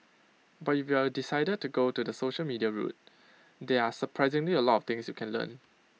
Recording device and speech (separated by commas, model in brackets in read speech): mobile phone (iPhone 6), read sentence